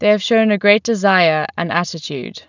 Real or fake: real